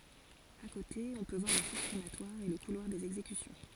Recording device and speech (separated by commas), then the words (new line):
forehead accelerometer, read sentence
À côté, on peut voir les fours crématoires et le couloir des exécutions.